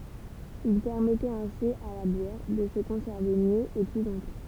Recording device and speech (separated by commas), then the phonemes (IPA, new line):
temple vibration pickup, read sentence
il pɛʁmɛtɛt ɛ̃si a la bjɛʁ də sə kɔ̃sɛʁve mjø e ply lɔ̃tɑ̃